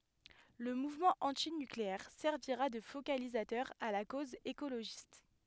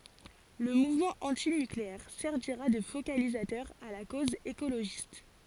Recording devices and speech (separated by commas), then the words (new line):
headset microphone, forehead accelerometer, read sentence
Le mouvement antinucléaire servira de focalisateur à la cause écologiste.